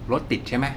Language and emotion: Thai, frustrated